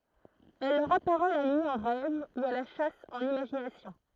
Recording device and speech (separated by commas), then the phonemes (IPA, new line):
throat microphone, read sentence
ɛl lœʁ apaʁɛ la nyi ɑ̃ ʁɛv u a la ʃas ɑ̃n imaʒinasjɔ̃